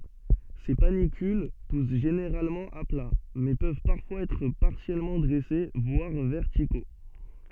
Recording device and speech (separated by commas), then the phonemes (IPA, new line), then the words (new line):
soft in-ear microphone, read sentence
se panikyl pus ʒeneʁalmɑ̃ a pla mɛ pøv paʁfwaz ɛtʁ paʁsjɛlmɑ̃ dʁɛse vwaʁ vɛʁtiko
Ces panicules poussent généralement à plat, mais peuvent parfois être partiellement dressés, voire verticaux.